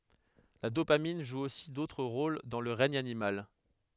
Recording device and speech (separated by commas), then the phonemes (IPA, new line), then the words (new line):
headset microphone, read sentence
la dopamin ʒu osi dotʁ ʁol dɑ̃ lə ʁɛɲ animal
La dopamine joue aussi d'autres rôles dans le règne animal.